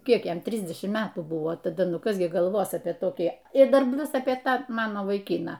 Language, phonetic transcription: Lithuanian, ˈkiek ˈjam ˈtrisdešimt ˈmetų ˈbuvo taˈda ˈnu ˈkas gi galˈvos apie toˈkį ir ˈdar ˈplius apie ˈtą ˈmano vaiˈkyną

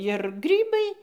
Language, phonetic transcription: Lithuanian, ir ˈgrybai

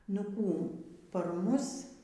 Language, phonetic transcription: Lithuanian, nu ˈkų par ˈmus

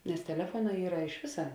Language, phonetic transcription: Lithuanian, nes teˈlefuoˌnā ˈyra iš ˈvisa

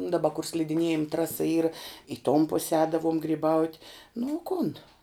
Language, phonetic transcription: Lithuanian, daˈba kur slidiˈniejim ˈtrasa ˈyra i tom pus ˈēdavom gryˈbaut' nu o ˈkun

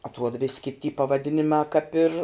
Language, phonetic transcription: Lithuanian, atˈruod vis' kit' ty pavaˈdinimā kap ir

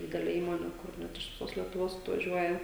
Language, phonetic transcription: Lithuanian, ˈdideli ˈįmoni kur ˈnet iš viˈsos lietuˈvos atvaˈžiuoja

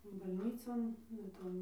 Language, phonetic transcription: Lithuanian, balˈnycon va ˈton

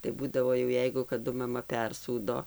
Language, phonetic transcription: Lithuanian, tai ˈbūdavo jau ˈjeigu kaˈdu maˈma ˈpersūdo

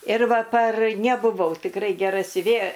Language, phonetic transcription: Lithuanian, ir ˈva par nebuˈvau tikˈrai geˈra siuˈvėja

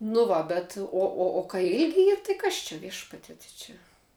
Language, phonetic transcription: Lithuanian, nu ˈva bet ˈo o o kai ˈilgi ˈyr tai ˈkas čia ˈviešpatie tai ˈčia

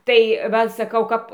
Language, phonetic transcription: Lithuanian, ˈtai ˈva saˈkau ˈkap

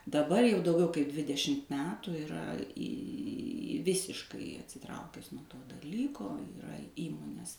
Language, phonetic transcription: Lithuanian, daˈbar jau dauˈgiau kai ˈdvidešimt ˈmetų iˈra į ˈvisiškai atsiˈtraukes nuo ˈto daˈlyko iˈra ˈįmonės

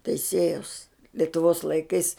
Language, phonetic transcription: Lithuanian, teiˈsėjaus letuˈvos laiˈkais

